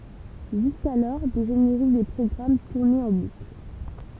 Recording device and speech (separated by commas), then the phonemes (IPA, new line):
temple vibration pickup, read sentence
ʒyskalɔʁ de ʒeneʁik de pʁɔɡʁam tuʁnɛt ɑ̃ bukl